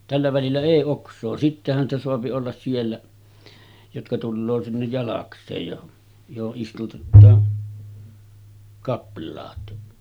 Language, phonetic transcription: Finnish, tällä välillä èi 'oks̆soo sittehän ‿stä soapi ollas 'siellä , jotka tulloo sinnej 'jalaks̆seej jo , joho’ ’istutettaa , 'kapl̆laat .
- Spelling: tällä välillä ei oksaa sittenhän sitä saa olla siellä jotka tulee sinne jalakseen jo johon istutetaan kaplaat

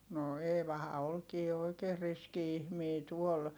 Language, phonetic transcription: Finnish, no Eevaha olkii oikeer riski ihmii tuol .
- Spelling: no Eevahan olikin oikein riski ihminen tuolla

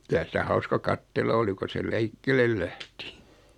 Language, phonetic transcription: Finnish, 'kylä sitä 'hauska "kattella oli ko se "lɛikkelel 'lähti .
- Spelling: kyllä sitä hauska katsella oli kun se liikkeelle lähti

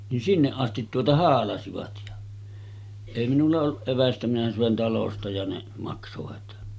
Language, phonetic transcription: Finnish, nin 'sinneˀ ˀastit tuota 'haalasivat ja , èi minulla olluˀ 'ˀevästä minä sö̀en 'talosta ja ne , maksovat .
- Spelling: niin sinne asti tuota haalasivat ja ei minulla ollut evästä minä söin talosta ja ne maksoivat

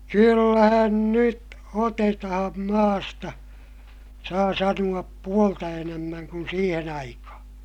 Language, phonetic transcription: Finnish, kyllähän nyt otetaham maasta , saa sanu₍ap puolta enämmäŋ kun siihen ‿aikahaa̰ .
- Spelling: kyllähän nyt otetaan maasta saa sanoa puolta enemmän kuin siihen aikaan

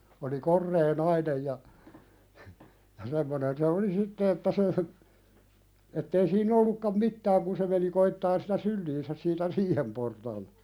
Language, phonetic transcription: Finnish, oli "korree 'nainej ja , ja 'semmonen se oli "sitte että se , ettei sii'n ‿ollukkam "mittääŋ kun se meni koittaan sitä "sylliinsä siitä 'riihem portaal(ta) .
- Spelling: oli korea nainen ja ja semmoinen se oli sitten että se että ei siinä ollutkaan mitään kun se meni koettamaan sitä syliinsä siitä riihen portaalta

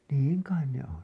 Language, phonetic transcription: Finnish, niiŋ "kain 'ne on .
- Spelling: niin kai ne on

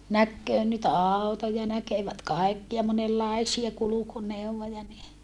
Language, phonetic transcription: Finnish, näkköö nyt àu̬toja näkevät kaikkia monellaisia kulukuneuwvoja ni ,.
- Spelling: näkee nyt autoja näkevät kaikkia monenlaisia kulkuneuvoja niin

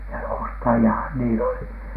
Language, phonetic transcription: Finnish, ja "ostaji₍ahan niil ‿oli .
- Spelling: ja ostajiahan niillä oli

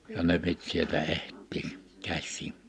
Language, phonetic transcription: Finnish, ja ne 'pit sieltä 'ehttii , 'käśsii(ɴ) .
- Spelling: ja ne piti sieltä etsiä käsiin

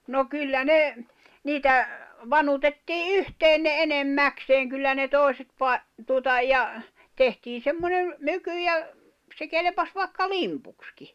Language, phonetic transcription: Finnish, no 'kyllä "ne , 'niitä , "vanutettii "yhteen ne 'enem"mäkseeŋ kyllä ne 'tòi̬set pai̬- , tùᵒta ja , tehtii 'semmoneᵐ , 'myky ja , se 'kelepas vài̬kka "limpukski .
- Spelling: no kyllä ne niitä vanutettiin yhteen ne enimmäkseen kyllä ne toiset - tuota ja tehtiin semmoinen myky ja se kelpasi vaikka limpuksikin

